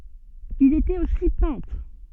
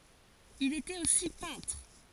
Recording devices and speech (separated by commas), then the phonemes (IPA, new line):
soft in-ear microphone, forehead accelerometer, read sentence
il etɛt osi pɛ̃tʁ